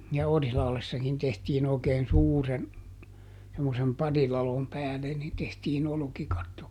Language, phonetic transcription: Finnish, ja ˈOrihlahlessakin tehtiin ‿òi̮keen "suuren , semmosem ˈparilalom ˈpääle nin tehtiiˈn ‿olᵒkikatto .
- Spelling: ja Orilahdessakin tehtiin oikein suuren semmoisen pariladon päälle niin tehtiin olkikatto

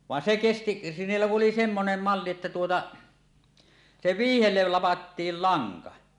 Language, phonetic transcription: Finnish, vaen 'se "kesti , 'niillä ku ˀoli 'semmonem 'malli että tuota , 'se "viihellel 'lapa̳ttiil "laŋka .
- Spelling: vaan se kesti niillä kun oli semmoinen malli että tuota se vyyhdelle lapettiin lanka

